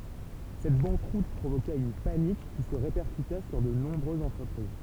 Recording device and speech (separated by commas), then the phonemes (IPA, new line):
temple vibration pickup, read sentence
sɛt bɑ̃kʁut pʁovoka yn panik ki sə ʁepɛʁkyta syʁ də nɔ̃bʁøzz ɑ̃tʁəpʁiz